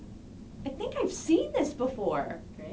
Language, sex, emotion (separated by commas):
English, female, happy